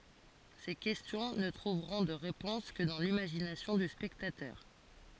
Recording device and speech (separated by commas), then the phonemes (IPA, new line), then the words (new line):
forehead accelerometer, read sentence
se kɛstjɔ̃ nə tʁuvʁɔ̃ də ʁepɔ̃s kə dɑ̃ limaʒinasjɔ̃ dy spɛktatœʁ
Ces questions ne trouveront de réponse que dans l'imagination du spectateur.